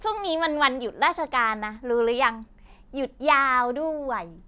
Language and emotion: Thai, happy